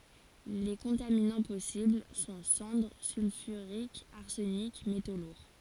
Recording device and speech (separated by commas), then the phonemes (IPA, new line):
forehead accelerometer, read sentence
le kɔ̃taminɑ̃ pɔsibl sɔ̃ sɑ̃dʁ sylfyʁikz aʁsənik meto luʁ